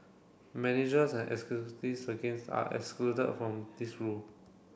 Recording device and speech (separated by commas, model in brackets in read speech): boundary microphone (BM630), read sentence